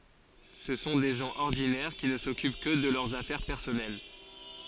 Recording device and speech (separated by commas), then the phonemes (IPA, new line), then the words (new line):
forehead accelerometer, read sentence
sə sɔ̃ de ʒɑ̃ ɔʁdinɛʁ ki nə sɔkyp kə də lœʁz afɛʁ pɛʁsɔnɛl
Ce sont des gens ordinaires qui ne s'occupent que de leurs affaires personnelles.